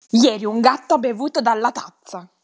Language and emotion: Italian, angry